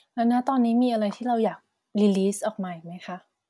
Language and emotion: Thai, neutral